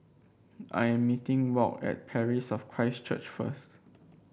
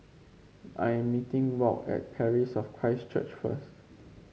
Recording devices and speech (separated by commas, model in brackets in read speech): boundary microphone (BM630), mobile phone (Samsung C5), read sentence